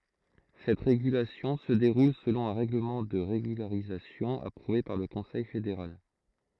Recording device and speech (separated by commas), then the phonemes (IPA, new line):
throat microphone, read sentence
sɛt ʁeɡylasjɔ̃ sə deʁul səlɔ̃ œ̃ ʁɛɡləmɑ̃ də ʁeɡylaʁizasjɔ̃ apʁuve paʁ lə kɔ̃sɛj fedeʁal